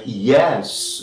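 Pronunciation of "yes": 'Yes' is said with a rising pitch: the voice goes up.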